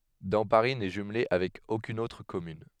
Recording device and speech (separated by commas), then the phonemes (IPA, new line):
headset microphone, read sentence
dɑ̃paʁi nɛ ʒymle avɛk okyn otʁ kɔmyn